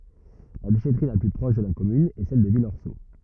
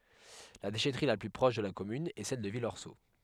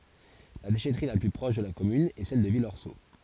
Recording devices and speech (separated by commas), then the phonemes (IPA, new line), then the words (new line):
rigid in-ear microphone, headset microphone, forehead accelerometer, read sentence
la deʃɛtʁi la ply pʁɔʃ də la kɔmyn ɛ sɛl də vilɔʁso
La déchèterie la plus proche de la commune est celle de Villorceau.